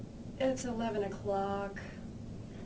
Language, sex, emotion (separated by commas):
English, female, disgusted